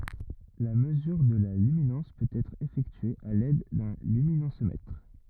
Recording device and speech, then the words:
rigid in-ear microphone, read sentence
La mesure de la luminance peut être effectuée à l'aide d'un luminancemètre.

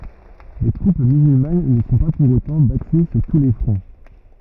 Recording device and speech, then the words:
rigid in-ear microphone, read sentence
Les troupes musulmanes ne sont pas, pour autant, battues sur tous les fronts.

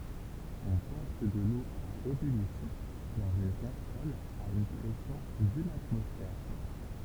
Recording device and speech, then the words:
temple vibration pickup, read sentence
On porte de l'eau à ébullition dans une casserole à une pression d'une atmosphère.

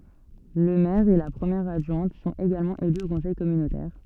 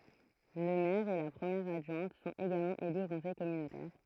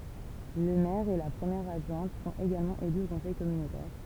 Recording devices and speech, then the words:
soft in-ear microphone, throat microphone, temple vibration pickup, read sentence
Le maire et la première adjointe sont également élus au conseil communautaire.

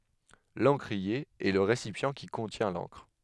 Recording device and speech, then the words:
headset microphone, read sentence
L'encrier est le récipient qui contient l'encre.

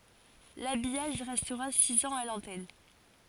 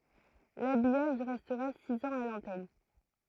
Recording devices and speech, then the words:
forehead accelerometer, throat microphone, read sentence
L'habillage restera six ans à l'antenne.

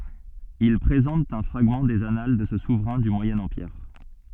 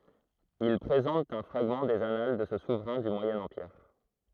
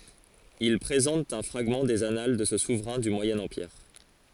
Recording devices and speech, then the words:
soft in-ear microphone, throat microphone, forehead accelerometer, read sentence
Ils présentent un fragment des annales de ce souverain du Moyen Empire.

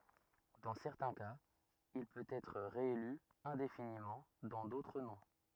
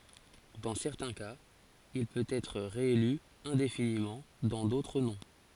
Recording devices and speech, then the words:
rigid in-ear microphone, forehead accelerometer, read sentence
Dans certains cas, il peut être réélu indéfiniment, dans d’autres non.

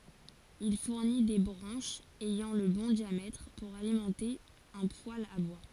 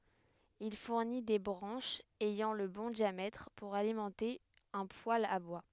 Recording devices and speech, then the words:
forehead accelerometer, headset microphone, read sentence
Il fournit des branches ayant le bon diamètre pour alimenter un poêle à bois.

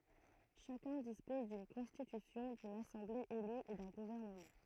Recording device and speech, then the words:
throat microphone, read sentence
Chacun dispose d'une constitution, d'une assemblée élue et d'un gouvernement.

